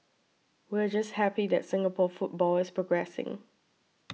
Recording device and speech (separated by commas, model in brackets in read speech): mobile phone (iPhone 6), read sentence